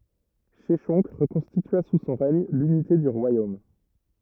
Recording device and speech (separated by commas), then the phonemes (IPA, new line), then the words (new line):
rigid in-ear microphone, read sentence
ʃɛʃɔ̃k ʁəkɔ̃stitya su sɔ̃ ʁɛɲ lynite dy ʁwajom
Sheshonq reconstitua sous son règne l'unité du royaume.